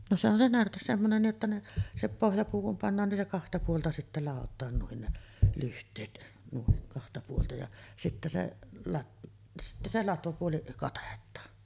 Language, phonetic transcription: Finnish, no se ‿on se 'närtes semmonen 'nii’ ’että ne , 'se "pohjapuu kum pannaan nin se 'kahta puolta sittä 'làot̆taan nuin ne , 'lyht̆teet nuin , kahta puolta ja sittä se , lat- , sittä 'se "latvapuoli , 'katet̆taan .
- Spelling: no se on se närte semmoinen niin että ne se pohjapuu kun pannaan niin se kahta puolta sitten ladotaan noin ne lyhteet noin kahta puolta ja sitten se - sitten se latvapuoli katetaan

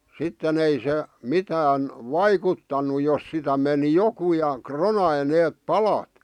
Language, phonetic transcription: Finnish, 'sitten ‿ei se , "mitään , "vaikuttanu 'jos sitä meni 'joku ja , "kronai neep "palat .
- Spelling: sitten ei se mitään vaikuttanut jos sitä meni joku ja ronasi ne palat

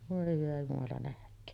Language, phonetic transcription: Finnish, vòe hyvä jumala nähk̀öön .
- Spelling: voi hyvä jumala nähköön

